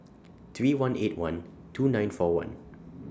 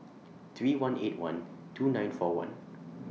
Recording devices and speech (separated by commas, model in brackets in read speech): standing microphone (AKG C214), mobile phone (iPhone 6), read sentence